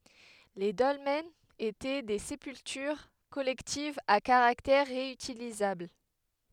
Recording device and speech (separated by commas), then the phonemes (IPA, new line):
headset microphone, read sentence
le dɔlmɛnz etɛ de sepyltyʁ kɔlɛktivz a kaʁaktɛʁ ʁeytilizabl